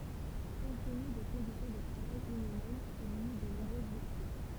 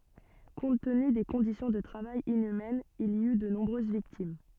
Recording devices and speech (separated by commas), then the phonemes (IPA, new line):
temple vibration pickup, soft in-ear microphone, read sentence
kɔ̃t təny de kɔ̃disjɔ̃ də tʁavaj inymɛnz il i y də nɔ̃bʁøz viktim